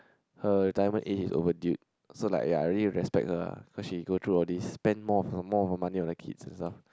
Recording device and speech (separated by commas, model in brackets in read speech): close-talking microphone, conversation in the same room